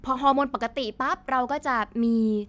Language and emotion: Thai, happy